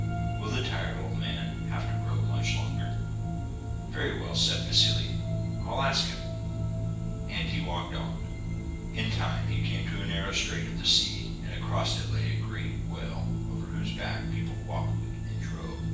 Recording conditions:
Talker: one person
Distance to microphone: 9.8 m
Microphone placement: far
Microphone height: 1.8 m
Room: large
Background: music

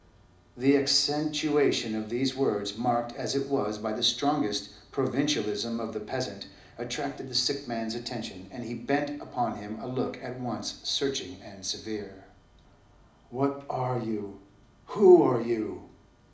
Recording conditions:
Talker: one person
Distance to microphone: 2.0 m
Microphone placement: close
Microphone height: 99 cm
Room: medium-sized (5.7 m by 4.0 m)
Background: none

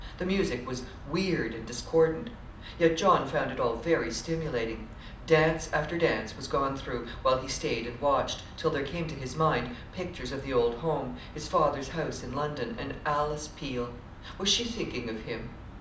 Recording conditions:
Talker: one person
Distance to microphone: 2.0 m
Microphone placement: close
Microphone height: 99 cm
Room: medium-sized (5.7 m by 4.0 m)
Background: television

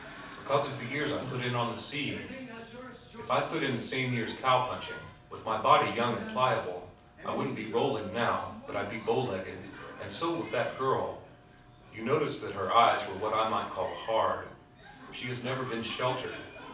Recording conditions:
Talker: one person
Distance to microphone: 5.8 m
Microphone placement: far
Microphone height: 1.8 m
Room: medium-sized (5.7 m by 4.0 m)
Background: television

